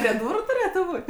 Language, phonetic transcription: Lithuanian, prie ˈdūru tuˈrėtu ˈbūt'

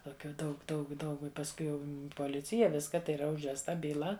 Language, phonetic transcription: Lithuanian, toˈkių ˈdaug ˈdaug ˈdaug i pasˈkui jau poˈlicija ˈviska tai yˈra užvesˈta byˈla

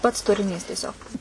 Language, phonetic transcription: Lithuanian, pats turiˈnys tieˈsiog

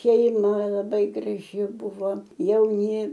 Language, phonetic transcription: Lithuanian, šeiˈma laˈbai graˈži ˈbuvo jauˈni

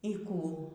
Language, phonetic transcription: Lithuanian, y ˈkų

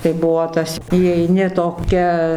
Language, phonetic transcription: Lithuanian, tai ˈbuo ˈtas įeiˈni toˈkia

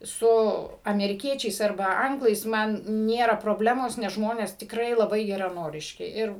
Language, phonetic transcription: Lithuanian, ˈsu ameriˈkiečiais arˈba ˈanglais ˈman ˈnėra proˈblemos nes ˈžmones tikˈrai laˈbai geraˈnoriški ˈir

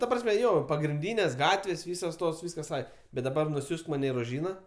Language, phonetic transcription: Lithuanian, ta ˈprasme ˈjo pagrinˈdynės' ˈgatvės' ˈvysos ˈtos ˈvyskas ˈai bet daˈbar nuˈsiųsk ˈmane i roˈžyna

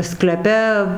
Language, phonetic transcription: Lithuanian, skleˈpe

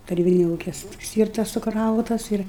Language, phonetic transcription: Lithuanian, taˈrybinia ˈūkia ˈstyrtas suˈkrautas ˈir

